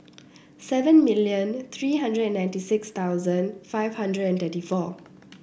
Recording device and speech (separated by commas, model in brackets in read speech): boundary microphone (BM630), read sentence